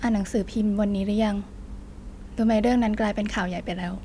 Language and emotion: Thai, sad